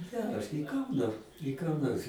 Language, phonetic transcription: Lithuanian, ˈgeras nei ˈkanda nei ką ˈnors

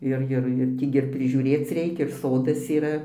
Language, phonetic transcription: Lithuanian, ˈir ˈjir jir ˈtį gi ir prižiūˈrėc ˈreikia ir ˈsodas yˈra

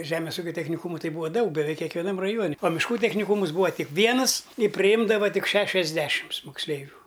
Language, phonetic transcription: Lithuanian, ˈžemės ˈūkio techniˈkūmu ˈtai ˈbuvo ˈdaug beˈveik kekveˈnam raˈjuoni o mišˈkų techniˈkūmus ˈbūva ˈtik ˈvienɨs i priˈjimdava ˈtik ˈšešiasˌdešims moksˈleivių

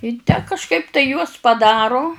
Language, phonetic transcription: Lithuanian, i tę kažˈkaip tai juos paˈdaru

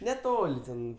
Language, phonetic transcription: Lithuanian, neˈtol' ˈten

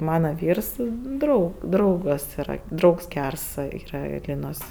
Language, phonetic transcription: Lithuanian, ˈmana ˈvyrs ˈdrau ˈdraugas yˈra ˈdraugs ˈgærs ˈyra ˈlynos

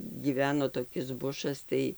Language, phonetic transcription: Lithuanian, gyˈveno toˈkis ˈbušas ˈtai

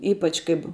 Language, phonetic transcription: Lithuanian, ˈypač kaip

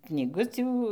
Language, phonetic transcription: Lithuanian, knyˈgutių

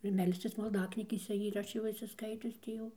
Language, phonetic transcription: Lithuanian, ir ˈmelscis malˈdaknygėse ir ˈaš jau išsiˈskaitius ˈtį jau

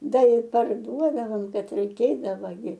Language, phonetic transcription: Lithuanian, ˈda i parˈduodavom ˈbet reiˈkėdava gi

